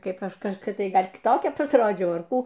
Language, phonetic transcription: Lithuanian, ˈkaip ˈaš kažkoˈkia ˈgal' kiˈtokia pasˈrodžiau ar ˈkų

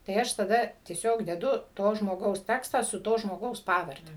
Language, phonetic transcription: Lithuanian, tai ˈaš taˈda tieˈsiog deˈdu ˈto žmoˈgaus ˈtekstą su ˈto žmoˈgaus ˈpavarde

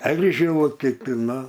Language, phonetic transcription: Lithuanian, ˈeržilu kiˈti ˈnu

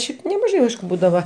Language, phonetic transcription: Lithuanian, ˈšiaip nemaˈžai ˈaišku ˈbūdava

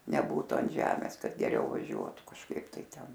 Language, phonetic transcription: Lithuanian, neˈbūtu an ˈžemės ˈkad geˈriau vaˈžiuotu kažˈkaip tai ˈten

